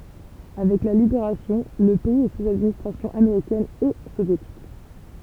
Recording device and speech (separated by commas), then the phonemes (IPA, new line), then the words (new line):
temple vibration pickup, read sentence
avɛk la libeʁasjɔ̃ lə pɛiz ɛ suz administʁasjɔ̃ ameʁikɛn e sovjetik
Avec la Libération, le pays est sous administration américaine et soviétique.